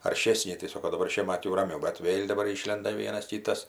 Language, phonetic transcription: Lithuanian, arˈšėsni tai ˈsoko daˈbar ˈšiemat jau raˈmiau bet ˈvėl' daˈbar ˈyšlenda ˈvienas tį ˈtas

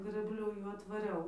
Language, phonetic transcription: Lithuanian, grɘbˈliu ˈjų atvaˈriau

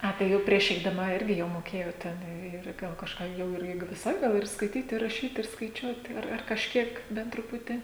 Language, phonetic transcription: Lithuanian, ˈa tai ˈjau prieš eidaˈma ˈirgi jau moˈkėjot ˈten ir ˈgal kažˈką ˈjau ir ˈi viˈsai ˈgal ir skaiˈtyt i raˈšyt ir skaiˈčiuot ar ar kažˈkiek ˈbent truˈputį

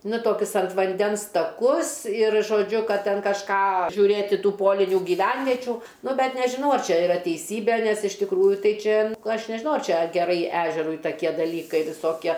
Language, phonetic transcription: Lithuanian, nu ˈtokius ant vanˈdens taˈkus ir žoˈdžiu ˈkad ˈten kažˈką žiūˈrėti ˈtų ˈpolinių gyˈvenvečių ˈnu ˈbet nežiˈnau ar ˈčia iˈra teiˈsybė nes iš tikˈrųju ˈtai ˈčia ˈaš nežiˈnau ar ˈčia geˈrai ˈežerui taˈkie daˈlykai viˈsokie

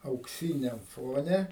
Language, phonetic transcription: Lithuanian, aukˈsyniam ˈfone

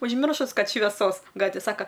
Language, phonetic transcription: Lithuanian, užˈmiršus ˈkad šveˈsos ˈgatvė ˈsaka

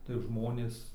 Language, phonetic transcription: Lithuanian, tai ˈžmonės

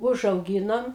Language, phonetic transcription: Lithuanian, užauˈgynom

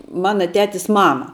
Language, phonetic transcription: Lithuanian, ˈmana ˈtetis ˈmama

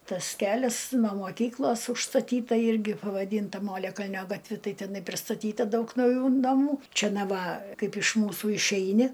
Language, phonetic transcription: Lithuanian, ˈtas ˈkelias no moˈkyklos užstaˈtyta ˈirgi pavaˈdynta ˈmoliakalnio gatˈvi ˈtai teˈnai pristaˈtyta ˈdaug nauˈjų naˈmų ˈčia ˈna ˈva ˈkaip iš ˈmūsų išˈeini

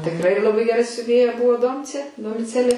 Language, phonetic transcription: Lithuanian, tikˈrai laˈbai geˈra siuˈvėja ˈbuvo ˈdomcė domiˈcelė

